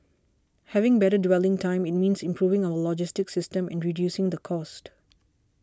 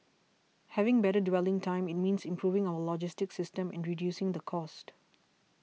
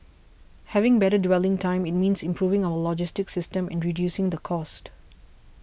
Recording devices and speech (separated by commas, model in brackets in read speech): standing microphone (AKG C214), mobile phone (iPhone 6), boundary microphone (BM630), read sentence